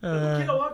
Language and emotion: Thai, neutral